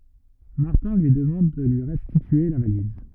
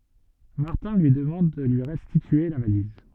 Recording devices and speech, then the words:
rigid in-ear microphone, soft in-ear microphone, read sentence
Martin lui demande de lui restituer la valise.

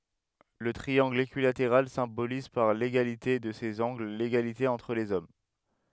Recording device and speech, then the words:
headset microphone, read sentence
Le triangle équilatéral symbolise par l'égalité de ses angles l’égalité entre les hommes.

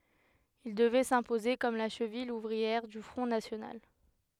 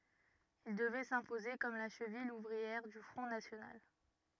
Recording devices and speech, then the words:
headset microphone, rigid in-ear microphone, read sentence
Il devait s'imposer comme la cheville ouvrière du Front national.

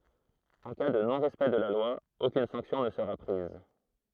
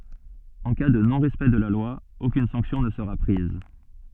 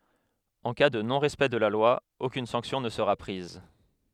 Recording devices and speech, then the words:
throat microphone, soft in-ear microphone, headset microphone, read sentence
En cas de non-respect de la loi, aucune sanction ne sera prise.

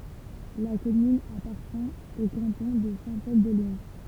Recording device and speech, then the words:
temple vibration pickup, read sentence
La commune appartient au canton de Saint-Pol-de-Léon.

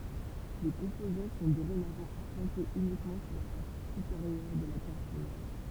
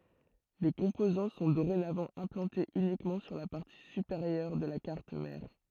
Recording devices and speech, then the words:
temple vibration pickup, throat microphone, read sentence
Les composants sont dorénavant implantés uniquement sur la partie supérieure de la carte mère.

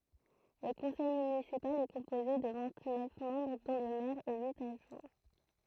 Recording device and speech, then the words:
throat microphone, read sentence
Le conseil municipal est composé de vingt-neuf membres dont le maire et huit adjoints.

